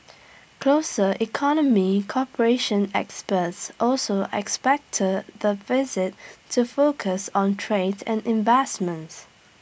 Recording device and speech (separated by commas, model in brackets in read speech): boundary microphone (BM630), read sentence